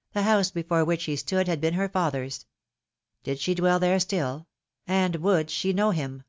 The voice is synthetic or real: real